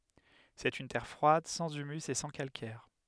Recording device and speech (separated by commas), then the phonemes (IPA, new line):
headset microphone, read sentence
sɛt yn tɛʁ fʁwad sɑ̃z ymys e sɑ̃ kalkɛʁ